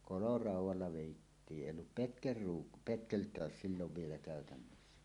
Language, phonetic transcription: Finnish, koloràuw̆walla 'vèittii "ˀèij̆j ‿ollup 'petkelruuk- , "petkelt̀ääs 'sillov vielä kä̀ötännössä .
- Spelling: koloraudalla vedettiin ei ollut - petkeltä silloin vielä käytössä

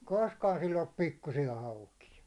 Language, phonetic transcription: Finnish, 'koskaan sill ‿ollup 'pikkusija 'haukija .
- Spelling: koskaan sillä ollut pikkuisia haukia

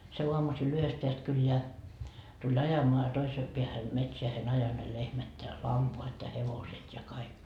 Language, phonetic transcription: Finnish, se 'uamusil 'yhest peäst 'kylleä , tuĺ "ajamoa ja toisee peähän , 'metseähe'n ‿ajo ne 'lehmät ja "lampoat ja 'hevoset ja 'kaik .
- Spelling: se aamusilla yhdestä päästä kylää tuli ajamaan ja toiseen päähän metsään ajoi ne lehmät ja lampaat ja hevoset ja kaikki

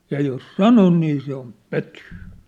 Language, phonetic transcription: Finnish, 'ja jos "sanon nii se om "pötyy .
- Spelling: ja jos sanon niin se on pötyä

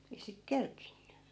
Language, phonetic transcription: Finnish, ei sit 'kerkinny .
- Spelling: ei sitten kerinnyt

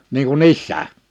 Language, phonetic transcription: Finnish, niiŋ ku"n ‿issää .
- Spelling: niin kuin sisään

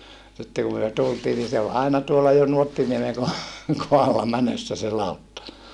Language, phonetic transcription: Finnish, sitte kum myö tultii ni se ol aina tuolla Nuottiniemeŋ ko - , kohalla mänössä se làutta .
- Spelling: sitten kun me tultiin niin se oli aina tuolla Nuottiniemen - kohdalla menossa se lautta

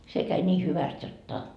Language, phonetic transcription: Finnish, se käi ńii 'hyväst 'jot"ta .
- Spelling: se kävi niin hyvästi jotta

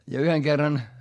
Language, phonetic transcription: Finnish, ja yheŋ kerran , .
- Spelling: ja yhden kerran

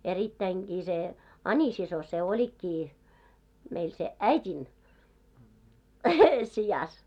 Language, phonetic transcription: Finnish, erittäiŋɢii se , "Ańisiso se 'oĺikkii , meil se "äit́in , 'sijas .
- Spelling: erittäinkin se Ani-sisko se olikin meillä sen äidin sijassa

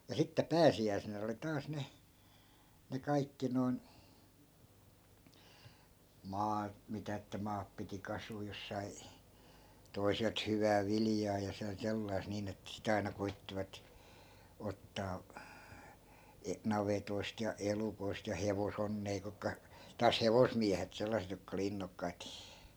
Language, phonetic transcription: Finnish, ja 'sitte 'pääsi₍äi̮senä oli 'taas 'ne , ne 'kaikki noi̮n , "maat mitä että 'maap piti 'kasuu jos sai , 'toi̮selt 'hyvää "viljaa ja sen 'sellai̮sᵗ niin ‿ettᵃ̈ si't ‿aina 'koittivat , 'ottaa , e- , 'navetoist ja 'elukoist ja 'hevosonnee kukka , taas "hevosmiähet 'sellaset jokka oli 'innokkait .
- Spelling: ja sitten pääsiäisenä oli taas ne ne kaikki noin maat mitä että maat piti kasuta jos sai toiselta hyvää viljaa ja sen sellaista niin että sitten aina koettivat ottaa - navetoista ja elukoista ja hevosonnea kutka taas hevosmiehet sellaiset jotka oli innokkaita

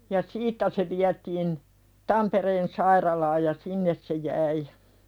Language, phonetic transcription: Finnish, ja "siittä se viätiin , 'Tampereen sairalaaj ja "sinnes se jäi .
- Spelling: ja siitä se vietiin Tampereen sairaalaan ja sinne se jäi

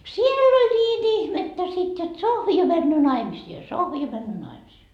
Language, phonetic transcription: Finnish, "siel ‿oĺ ńiin "ihmettä sit jot » 'Sohvi jo männöö 'naimisii ja 'Sohvi jo männöö 'naimisii » .
- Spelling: siellä oli niin ihmettä sitten jotta Sohvi jo menee naimisiin ja Sohvi jo menee naimisiin

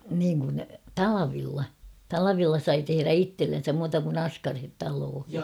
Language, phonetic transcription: Finnish, niiŋ kun , "talavilla , 'talavilla sai teherä "ittellensäm muuta kun ‿"askarhet 'taloohi .
- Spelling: niin kun talvella talvella sai tehdä itsellensä muuta kuin askareet taloihin

